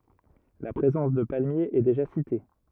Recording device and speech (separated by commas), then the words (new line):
rigid in-ear microphone, read sentence
La présence de palmiers est déjà citée.